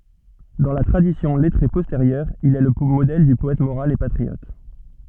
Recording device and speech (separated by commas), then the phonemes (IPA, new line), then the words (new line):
soft in-ear microphone, read sentence
dɑ̃ la tʁadisjɔ̃ lɛtʁe pɔsteʁjœʁ il ɛ lə modɛl dy pɔɛt moʁal e patʁiɔt
Dans la tradition lettrée postérieure, il est le modèle du poète moral et patriote.